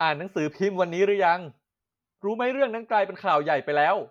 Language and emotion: Thai, angry